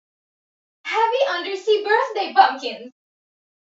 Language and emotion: English, happy